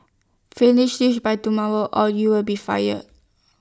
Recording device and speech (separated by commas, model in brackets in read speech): standing microphone (AKG C214), read sentence